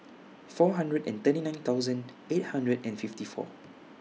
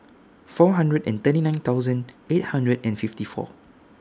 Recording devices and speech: mobile phone (iPhone 6), standing microphone (AKG C214), read sentence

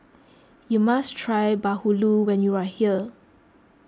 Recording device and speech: close-talking microphone (WH20), read sentence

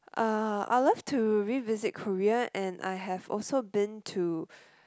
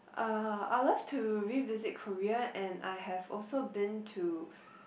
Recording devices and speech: close-talking microphone, boundary microphone, conversation in the same room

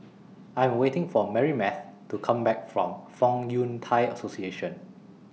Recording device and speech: mobile phone (iPhone 6), read sentence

